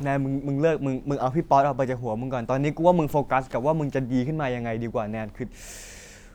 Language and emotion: Thai, frustrated